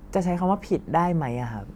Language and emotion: Thai, neutral